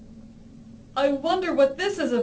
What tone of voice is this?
fearful